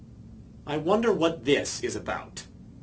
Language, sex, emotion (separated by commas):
English, male, disgusted